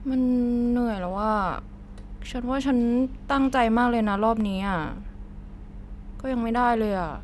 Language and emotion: Thai, frustrated